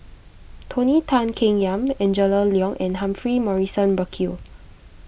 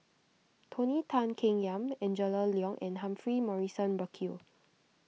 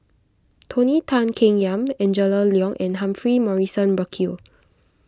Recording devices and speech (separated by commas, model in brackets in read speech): boundary microphone (BM630), mobile phone (iPhone 6), close-talking microphone (WH20), read sentence